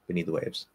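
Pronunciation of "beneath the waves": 'Beneath the waves' is said fairly quickly. The dental T at the end of 'beneath' is dropped completely, and the speech goes straight into a dental D for 'the'.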